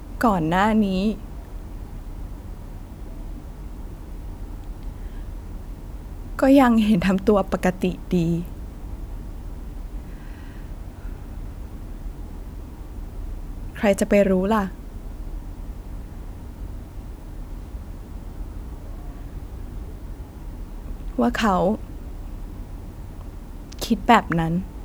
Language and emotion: Thai, sad